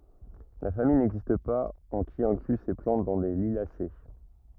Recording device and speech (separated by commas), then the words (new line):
rigid in-ear microphone, read sentence
La famille n'existe pas en qui inclut ces plantes dans les Liliacées.